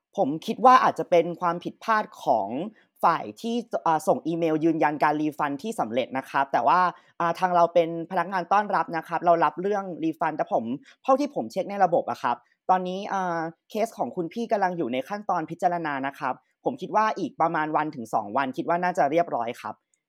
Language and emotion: Thai, neutral